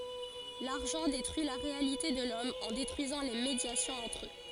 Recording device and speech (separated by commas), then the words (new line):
forehead accelerometer, read sentence
L'argent détruit la réalité de l'Homme en détruisant les médiations entre eux.